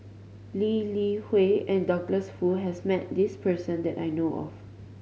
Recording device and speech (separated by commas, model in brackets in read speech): mobile phone (Samsung C5010), read sentence